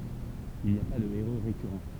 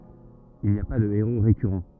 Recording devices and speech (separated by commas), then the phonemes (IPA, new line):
temple vibration pickup, rigid in-ear microphone, read sentence
il ni a pa də eʁo ʁekyʁɑ̃